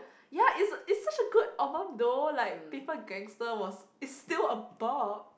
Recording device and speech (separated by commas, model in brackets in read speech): boundary microphone, conversation in the same room